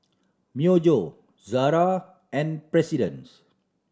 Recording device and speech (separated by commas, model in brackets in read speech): standing microphone (AKG C214), read sentence